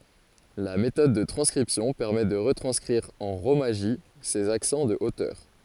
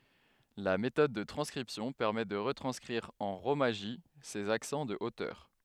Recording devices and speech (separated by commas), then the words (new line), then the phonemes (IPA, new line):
forehead accelerometer, headset microphone, read sentence
La méthode de transcription permet de retranscrire en rōmaji ces accents de hauteur.
la metɔd də tʁɑ̃skʁipsjɔ̃ pɛʁmɛ də ʁətʁɑ̃skʁiʁ ɑ̃ ʁomaʒi sez aksɑ̃ də otœʁ